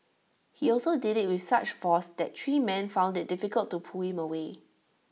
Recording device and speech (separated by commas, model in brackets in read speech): mobile phone (iPhone 6), read sentence